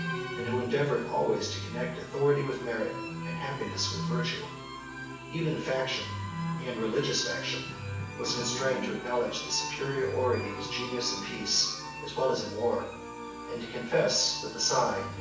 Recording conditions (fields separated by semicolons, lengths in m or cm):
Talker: one person; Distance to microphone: 9.8 m; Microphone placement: far; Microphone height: 1.8 m; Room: large; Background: music